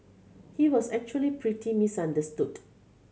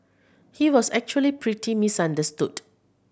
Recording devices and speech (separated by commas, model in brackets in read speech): mobile phone (Samsung C7100), boundary microphone (BM630), read sentence